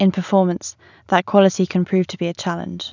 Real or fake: real